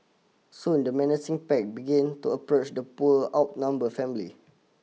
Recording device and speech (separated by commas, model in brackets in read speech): mobile phone (iPhone 6), read sentence